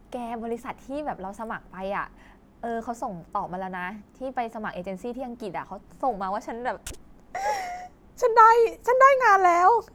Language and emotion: Thai, happy